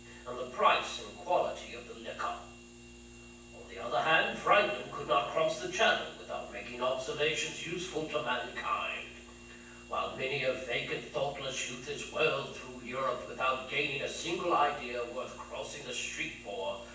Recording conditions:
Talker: one person; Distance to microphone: 9.8 m; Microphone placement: far; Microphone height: 1.8 m; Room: large; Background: none

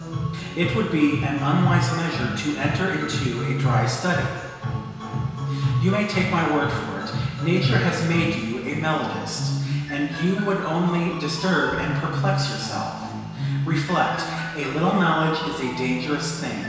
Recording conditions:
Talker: one person; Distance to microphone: 1.7 m; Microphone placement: close; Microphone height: 1.0 m; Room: very reverberant, large; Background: music

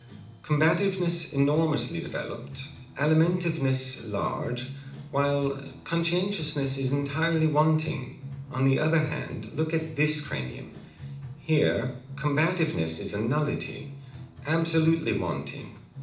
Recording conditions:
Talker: one person; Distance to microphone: 2.0 m; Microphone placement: close; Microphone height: 99 cm; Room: medium-sized (5.7 m by 4.0 m); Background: music

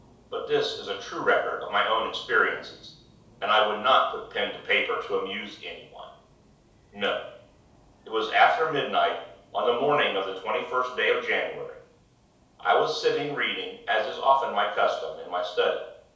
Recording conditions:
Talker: one person; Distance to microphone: 3.0 m; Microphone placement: far; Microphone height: 1.8 m; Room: small (3.7 m by 2.7 m); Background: none

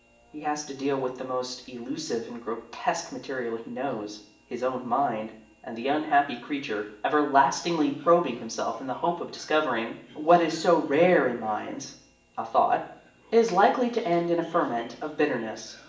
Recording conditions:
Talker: one person; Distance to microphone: 1.8 m; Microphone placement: close; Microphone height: 1.0 m; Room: large; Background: television

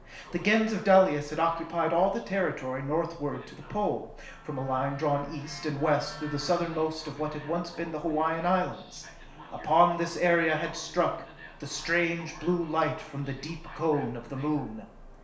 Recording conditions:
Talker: one person; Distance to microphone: 1.0 m; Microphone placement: close; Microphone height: 1.1 m; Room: small (3.7 m by 2.7 m); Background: television

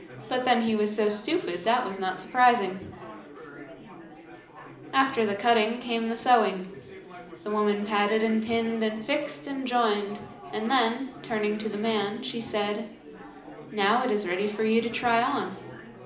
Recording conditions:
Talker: one person; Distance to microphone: 2.0 m; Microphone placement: close; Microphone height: 99 cm; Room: medium-sized (5.7 m by 4.0 m); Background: babble

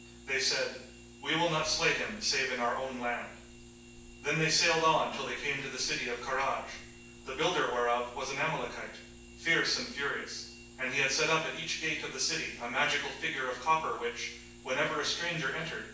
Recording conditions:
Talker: one person; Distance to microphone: 9.8 m; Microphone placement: far; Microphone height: 1.8 m; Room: large; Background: none

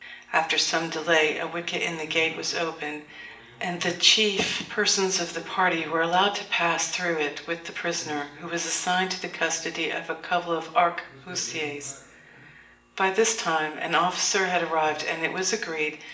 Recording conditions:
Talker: one person; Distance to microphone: 1.8 m; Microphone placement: close; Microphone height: 1.0 m; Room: large; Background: television

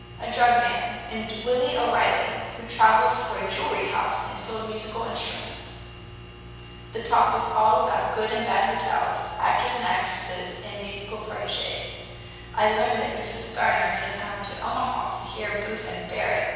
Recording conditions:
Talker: one person; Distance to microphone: 7.1 m; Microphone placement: far; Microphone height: 1.7 m; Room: very reverberant, large; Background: none

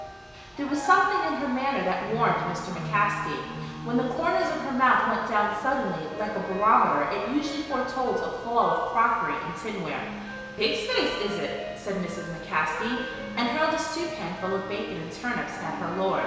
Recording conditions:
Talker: one person; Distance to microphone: 1.7 m; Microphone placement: close; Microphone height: 1.0 m; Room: very reverberant, large; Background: music

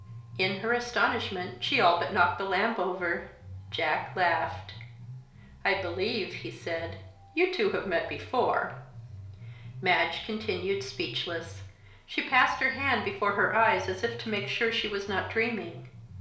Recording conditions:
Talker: one person; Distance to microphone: 1.0 m; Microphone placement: close; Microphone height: 1.1 m; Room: small (3.7 m by 2.7 m); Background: music

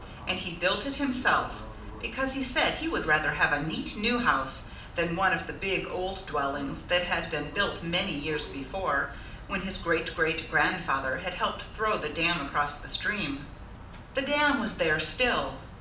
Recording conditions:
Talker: one person; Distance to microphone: 2.0 m; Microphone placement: close; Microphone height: 99 cm; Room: medium-sized (5.7 m by 4.0 m); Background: television

